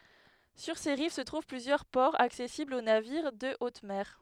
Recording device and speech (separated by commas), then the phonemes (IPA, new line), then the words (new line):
headset microphone, read sentence
syʁ se ʁiv sə tʁuv plyzjœʁ pɔʁz aksɛsiblz o naviʁ də ot mɛʁ
Sur ses rives se trouvent plusieurs ports accessibles aux navires de haute mer.